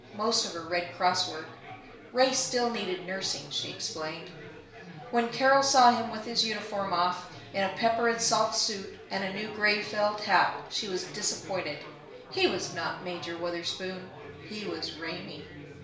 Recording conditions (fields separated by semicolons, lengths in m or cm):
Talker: one person; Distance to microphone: 1.0 m; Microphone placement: close; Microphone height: 1.1 m; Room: small (3.7 m by 2.7 m); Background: babble